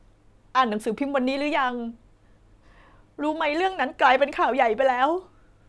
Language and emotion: Thai, sad